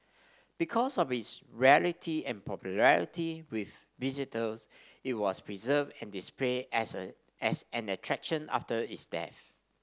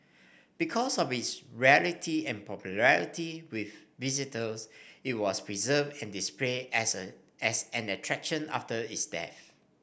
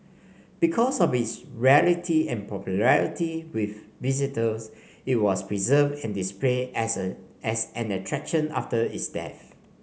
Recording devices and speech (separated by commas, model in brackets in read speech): standing microphone (AKG C214), boundary microphone (BM630), mobile phone (Samsung C5), read sentence